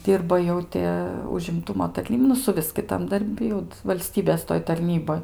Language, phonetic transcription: Lithuanian, ˈdyrba ˈjau ti užimˈtumo tarˈnyb nu suˈvis kiˈtam darˈbi jau valˈstybės toj tarˈnyboj

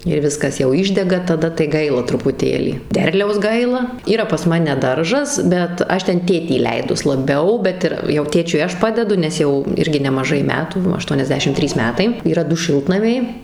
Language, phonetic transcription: Lithuanian, ir ˈviskas jauˈ išdega taˈda tai ˈgaila trupuˈtėlį ˈderliaus ˈgaila ˈyra pas ˈmane ˈdaržas bet ˈaš ˈten ˈtėtį įˈleidus laˈbiau ˈbet ir jau ˈtėčiui ˈaš ˈpadedu nes ˈjau ˈirgi nemaˈžai ˈmetų aštuoniasˈdešim ˈtrys ˈmetai yˈra ˈdu ˈšiltnamiai

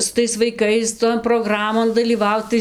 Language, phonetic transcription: Lithuanian, su ˈtais vaiˈkais ton proˈgramon dalyˈvaut ˈtai

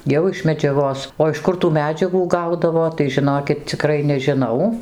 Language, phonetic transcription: Lithuanian, ˈjau iš medžiaˈgos o iš ˈkur tų meˈdžiagų ˈgaudavo tai žiˈnokit ciˈkrai nežiˈnau

